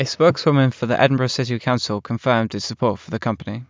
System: none